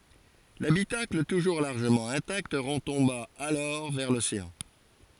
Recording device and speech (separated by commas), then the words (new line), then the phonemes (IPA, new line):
forehead accelerometer, read sentence
L'habitacle, toujours largement intact, retomba alors vers l'océan.
labitakl tuʒuʁ laʁʒəmɑ̃ ɛ̃takt ʁətɔ̃ba alɔʁ vɛʁ loseɑ̃